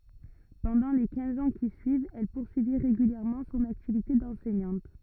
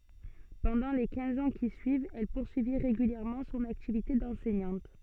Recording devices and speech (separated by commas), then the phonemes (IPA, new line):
rigid in-ear microphone, soft in-ear microphone, read sentence
pɑ̃dɑ̃ le kɛ̃z ɑ̃ ki syivt ɛl puʁsyi ʁeɡyljɛʁmɑ̃ sɔ̃n aktivite dɑ̃sɛɲɑ̃t